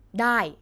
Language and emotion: Thai, angry